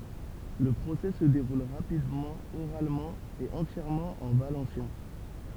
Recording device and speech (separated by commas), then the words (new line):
temple vibration pickup, read sentence
Le procès se déroule rapidement, oralement et entièrement en valencien.